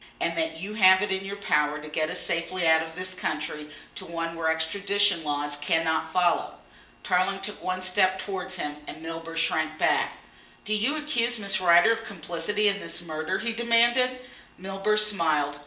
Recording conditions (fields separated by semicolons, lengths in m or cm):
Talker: one person; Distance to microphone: 1.8 m; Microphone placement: close; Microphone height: 1.0 m; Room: large; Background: none